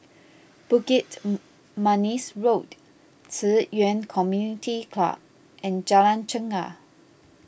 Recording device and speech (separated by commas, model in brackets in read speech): boundary microphone (BM630), read sentence